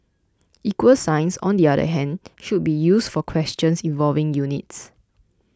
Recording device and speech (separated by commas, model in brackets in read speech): close-talking microphone (WH20), read sentence